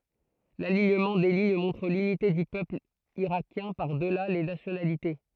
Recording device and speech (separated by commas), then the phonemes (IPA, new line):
throat microphone, read sentence
laliɲəmɑ̃ de liɲ mɔ̃tʁ lynite dy pøpl iʁakjɛ̃ paʁ dəla le nasjonalite